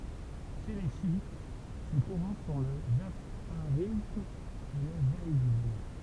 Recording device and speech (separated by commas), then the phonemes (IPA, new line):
temple vibration pickup, read sentence
ʃe le ʃjit se kuʁɑ̃ sɔ̃ lə ʒafaʁism e lə zaidism